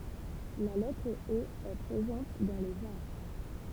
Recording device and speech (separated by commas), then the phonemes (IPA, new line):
temple vibration pickup, read sentence
la lɛtʁ o ɛ pʁezɑ̃t dɑ̃ lez aʁ